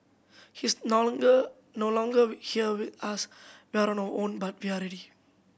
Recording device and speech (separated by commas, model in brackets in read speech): boundary microphone (BM630), read sentence